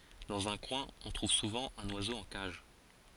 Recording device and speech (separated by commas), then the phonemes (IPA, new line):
forehead accelerometer, read sentence
dɑ̃z œ̃ kwɛ̃ ɔ̃ tʁuv suvɑ̃ œ̃n wazo ɑ̃ kaʒ